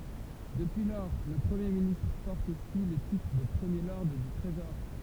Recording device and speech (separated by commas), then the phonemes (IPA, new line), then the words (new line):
temple vibration pickup, read sentence
dəpyi lɔʁ lə pʁəmje ministʁ pɔʁt osi lə titʁ də pʁəmje lɔʁd dy tʁezɔʁ
Depuis lors, le Premier ministre porte aussi le titre de premier lord du Trésor.